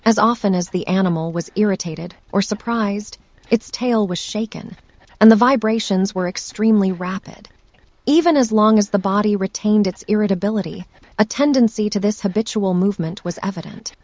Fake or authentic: fake